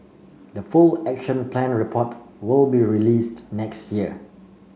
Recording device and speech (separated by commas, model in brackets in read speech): mobile phone (Samsung C5), read sentence